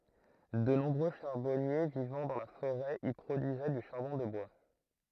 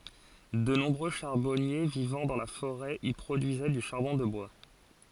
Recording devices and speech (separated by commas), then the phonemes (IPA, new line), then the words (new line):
throat microphone, forehead accelerometer, read sentence
də nɔ̃bʁø ʃaʁbɔnje vivɑ̃ dɑ̃ la foʁɛ i pʁodyizɛ dy ʃaʁbɔ̃ də bwa
De nombreux charbonniers vivant dans la forêt y produisaient du charbon de bois.